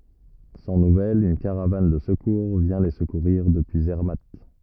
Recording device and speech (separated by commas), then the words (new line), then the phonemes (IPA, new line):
rigid in-ear microphone, read sentence
Sans nouvelles, une caravane de secours vient les secourir depuis Zermatt.
sɑ̃ nuvɛlz yn kaʁavan də səkuʁ vjɛ̃ le səkuʁiʁ dəpyi zɛʁmat